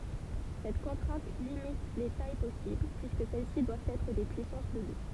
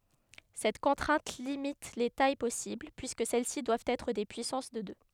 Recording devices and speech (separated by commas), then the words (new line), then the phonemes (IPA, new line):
temple vibration pickup, headset microphone, read sentence
Cette contrainte limite les tailles possibles, puisque celles-ci doivent être des puissances de deux.
sɛt kɔ̃tʁɛ̃t limit le taj pɔsibl pyiskə sɛl si dwavt ɛtʁ de pyisɑ̃s də dø